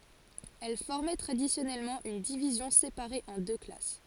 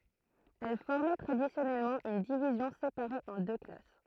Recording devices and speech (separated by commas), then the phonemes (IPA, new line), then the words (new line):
forehead accelerometer, throat microphone, read sentence
ɛl fɔʁmɛ tʁadisjɔnɛlmɑ̃ yn divizjɔ̃ sepaʁe ɑ̃ dø klas
Elles formaient traditionnellement une division séparée en deux classes.